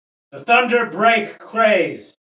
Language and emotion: English, neutral